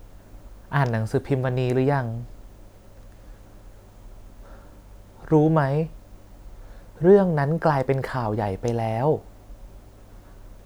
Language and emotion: Thai, neutral